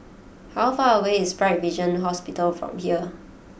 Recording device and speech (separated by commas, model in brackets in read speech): boundary microphone (BM630), read sentence